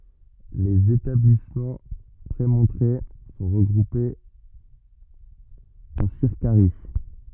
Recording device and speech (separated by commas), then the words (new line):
rigid in-ear microphone, read sentence
Les établissements prémontrés sont regroupés en circaries.